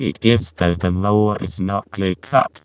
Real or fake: fake